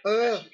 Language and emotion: Thai, frustrated